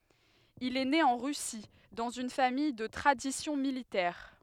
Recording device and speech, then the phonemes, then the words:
headset microphone, read sentence
il ɛ ne ɑ̃ ʁysi dɑ̃z yn famij də tʁadisjɔ̃ militɛʁ
Il est né en Russie, dans une famille de tradition militaire.

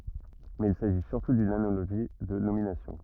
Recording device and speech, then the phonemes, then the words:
rigid in-ear microphone, read sentence
mɛz il saʒi syʁtu dyn analoʒi də nominasjɔ̃
Mais il s'agit surtout d'une analogie de nomination.

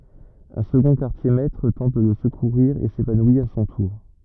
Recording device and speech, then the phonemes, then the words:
rigid in-ear microphone, read sentence
œ̃ səɡɔ̃ kaʁtjɛʁmɛtʁ tɑ̃t də lə səkuʁiʁ e sevanwi a sɔ̃ tuʁ
Un second quartier-maître tente de le secourir et s'évanouit à son tour.

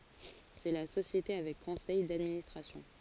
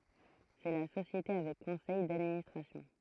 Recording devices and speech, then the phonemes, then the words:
forehead accelerometer, throat microphone, read sentence
sɛ la sosjete avɛk kɔ̃sɛj dadministʁasjɔ̃
C'est la société avec conseil d'administration.

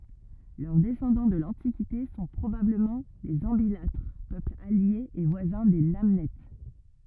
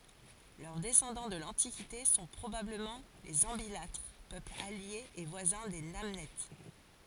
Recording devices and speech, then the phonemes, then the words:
rigid in-ear microphone, forehead accelerometer, read sentence
lœʁ dɛsɑ̃dɑ̃ də lɑ̃tikite sɔ̃ pʁobabləmɑ̃ lez ɑ̃bilatʁ pøpl alje e vwazɛ̃ de nanɛt
Leurs descendants de l'Antiquité sont probablement les Ambilatres, peuple allié et voisin des Namnètes.

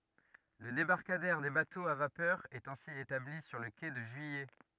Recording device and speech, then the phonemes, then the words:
rigid in-ear microphone, read sentence
lə debaʁkadɛʁ de batoz a vapœʁ ɛt ɛ̃si etabli syʁ lə ke də ʒyijɛ
Le débarcadère des bateaux à vapeur est ainsi établi sur le quai de Juillet.

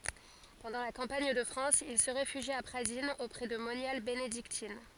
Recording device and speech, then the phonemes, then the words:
forehead accelerometer, read sentence
pɑ̃dɑ̃ la kɑ̃paɲ də fʁɑ̃s il sə ʁefyʒi a pʁadinz opʁɛ də monjal benediktin
Pendant la campagne de France, il se réfugie à Pradines auprès de moniales bénédictines.

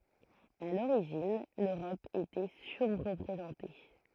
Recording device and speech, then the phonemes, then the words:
throat microphone, read sentence
a loʁiʒin løʁɔp etɛ syʁʁpʁezɑ̃te
À l’origine, l’Europe était surreprésentée.

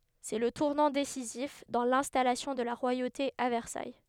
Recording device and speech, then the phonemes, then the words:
headset microphone, read sentence
sɛ lə tuʁnɑ̃ desizif dɑ̃ lɛ̃stalasjɔ̃ də la ʁwajote a vɛʁsaj
C'est le tournant décisif dans l'installation de la royauté à Versailles.

